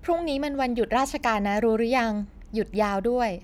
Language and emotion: Thai, neutral